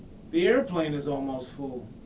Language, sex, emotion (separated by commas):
English, male, neutral